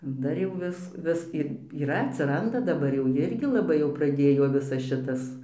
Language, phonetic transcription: Lithuanian, ˈdar jau ˈvis ˈvis ir yˈra atsiˈranda daˈbar jau ˈjirgi laˈbai jau praˈdėjo ˈvisas ˈšitas

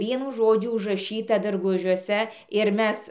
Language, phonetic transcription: Lithuanian, ˈvienu ˈžodžiu užraˈšyta darˈgužiuose ir ˈmes

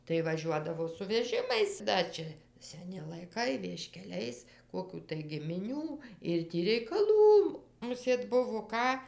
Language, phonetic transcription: Lithuanian, tai vaˈžiuodavo su veˈžimais ˈda čia seˈni laiˈkai vieškeˈliais ˈkokių tai gimiˈnių ir ˈtį reikaˈlų muˈsėt ˈbuvo ˈką

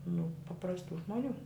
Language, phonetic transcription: Lithuanian, nu paprasˈtų žmoˈnių

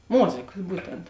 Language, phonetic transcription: Lithuanian, ˈmozėkas ˈbūtent

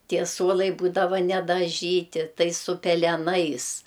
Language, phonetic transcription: Lithuanian, ˈtie ˈsuolai ˈbūdava nedaˈžyti ˈtai su peleˈnais

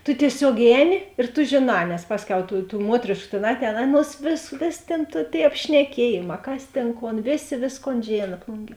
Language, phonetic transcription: Lithuanian, tu tieˈsiog ˈēˌni ir tu ˈžėˌnā nes ˈpasˌkiau tų tų ˈmuotrėšku tėn ˈatˌēn ˈaˌnuos vės ˈvės' tėn tu tėi apšneˈkiejėˌmā ˈkas ˈtėn ˈkon ˈvėˌsė ˈvėsˌkon ˈžėna ˈplunˌgie

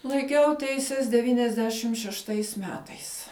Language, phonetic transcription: Lithuanian, laiˈkiau ˈteises deˈvyniasˌdešim šešˈtais ˈmetais

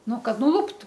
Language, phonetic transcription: Lithuanian, ˈnu ˈkad nuˈluptu

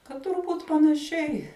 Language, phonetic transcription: Lithuanian, kad turˈbūt panaˈšiai

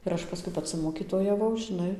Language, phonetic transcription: Lithuanian, ir ˈaš paˈskui paˈci mokytojaˈvau žiˈnai

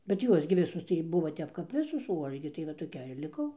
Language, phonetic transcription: Lithuanian, bet ˈjuos gi ˈvisus tai ˈbuvo ˈtep kap ˈvisos o ˈaš gi tai va toˈkiair liˈkau

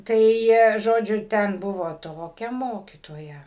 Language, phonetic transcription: Lithuanian, ˈtai ˈžodžiu ˈten ˈbuvo ˈtokia ˈmokytoja

